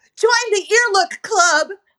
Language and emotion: English, fearful